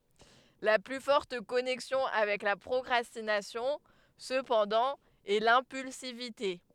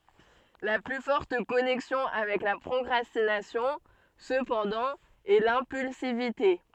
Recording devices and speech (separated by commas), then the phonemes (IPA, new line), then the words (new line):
headset microphone, soft in-ear microphone, read sentence
la ply fɔʁt kɔnɛksjɔ̃ avɛk la pʁɔkʁastinasjɔ̃ səpɑ̃dɑ̃ ɛ lɛ̃pylsivite
La plus forte connexion avec la procrastination, cependant, est l'impulsivité.